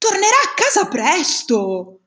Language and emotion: Italian, surprised